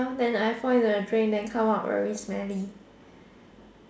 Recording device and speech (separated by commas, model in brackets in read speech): standing microphone, conversation in separate rooms